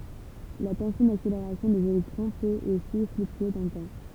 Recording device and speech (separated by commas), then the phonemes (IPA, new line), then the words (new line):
temple vibration pickup, read sentence
la tɑ̃sjɔ̃ dakseleʁasjɔ̃ dez elɛktʁɔ̃ pøt osi flyktye dɑ̃ lə tɑ̃
La tension d'accélération des électrons peut aussi fluctuer dans le temps.